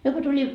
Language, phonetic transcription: Finnish, 'myö ko tuli ,.
- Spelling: me kun tuli

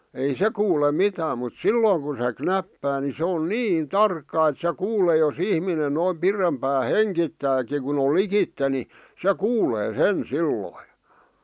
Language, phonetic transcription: Finnish, ei 'se kuule "mitääm mut "sillooŋ kun̬ se "knäppää ni se on "niin "tarkka et se 'kuulee jo's ‿ihminen noim 'pirempää "heŋkittääki kun ‿ol "likitte ni , se 'kuulee "sen "silloi .
- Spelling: ei se kuule mitään mutta silloin kun se knäppää niin se on niin tarkka että se kuulee jos ihminen noin pidempään hengittääkin kun on likitse niin se kuulee sen silloin

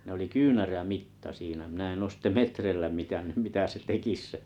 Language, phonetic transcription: Finnish, ne oli 'kyynärä'mitta 'siinä minä en os ste "metreⁱllä 'mitä̳nny̳m mitä se 'tekis se ,.
- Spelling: ne oli kyynärämitta siinä minä en ole sitten metreillä mitannut mitä se tekisi se

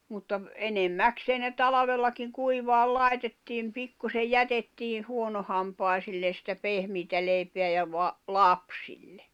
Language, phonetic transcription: Finnish, mutta , 'enem"mäksee ne 'talavellakiŋ 'kuivaal "lai̬tettiim 'pikkusej "jätettii 'huonohampài̬sillen̬ sⁱtä 'pehmiitä leipeä ja va- , "lapsille .
- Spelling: mutta enimmäkseen ne talvellakin kuivamaan laitettiin pikkuisen jätettiin huonohampaisille sitä pehmeää leipää ja - lapsille

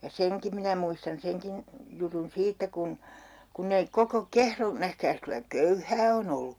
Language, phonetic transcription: Finnish, ja "seŋki minä muistan 'seŋkin , jutun 'siittä kun , 'kunnei "koko "Kehro- , 'nähkääs kylä "köyhää on ‿ollu !
- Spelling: ja senkin minä muistan senkin jutun siitä kun kun ei koko - nähkääs kyllä köyhää on ollut

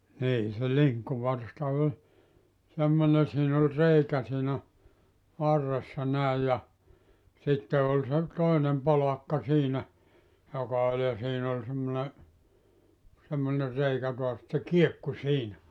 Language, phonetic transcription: Finnish, nii se "liŋkkuvarsta oĺ , 'semmone siin ‿ol 'reikä siinä , 'varressa 'näij ja , 'sitte ol se , 'toinem 'polakka siinä , joka oĺ ja 'siin ‿ol 'semmone , semmone 'reikä toas et se "kiekku 'siinä .
- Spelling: niin se linkkuvarsta oli semmoinen siinä oli reikä siinä varressa näin ja sitten oli se toinen polakka siinä joka oli ja siinä oli semmoinen semmoinen reikä taas että se kiekkui siinä

